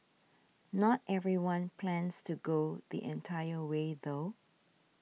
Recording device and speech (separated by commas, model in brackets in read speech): mobile phone (iPhone 6), read sentence